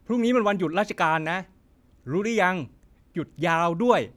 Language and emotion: Thai, frustrated